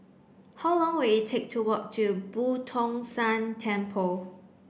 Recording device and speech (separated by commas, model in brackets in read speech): boundary microphone (BM630), read sentence